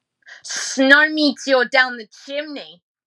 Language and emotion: English, disgusted